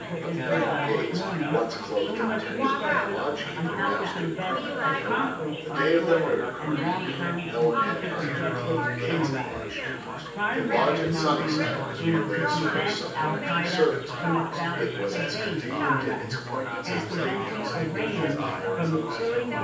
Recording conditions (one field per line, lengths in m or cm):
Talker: one person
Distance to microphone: 9.8 m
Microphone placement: far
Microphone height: 1.8 m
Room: large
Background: babble